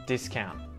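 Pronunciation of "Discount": In 'discount', the final t after the n is muted.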